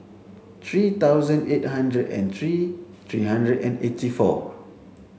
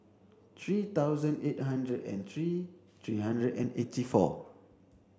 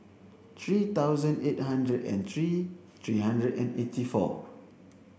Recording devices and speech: mobile phone (Samsung C7), standing microphone (AKG C214), boundary microphone (BM630), read sentence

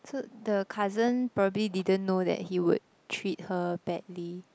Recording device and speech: close-talking microphone, conversation in the same room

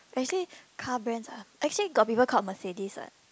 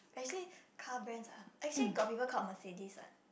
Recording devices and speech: close-talking microphone, boundary microphone, conversation in the same room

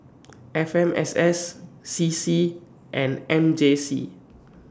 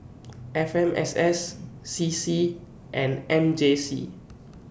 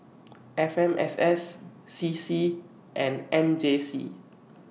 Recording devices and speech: standing microphone (AKG C214), boundary microphone (BM630), mobile phone (iPhone 6), read sentence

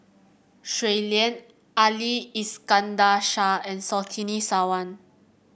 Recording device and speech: boundary microphone (BM630), read sentence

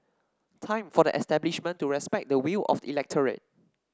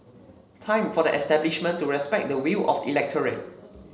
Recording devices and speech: standing microphone (AKG C214), mobile phone (Samsung C7), read sentence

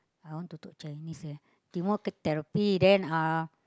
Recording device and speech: close-talking microphone, conversation in the same room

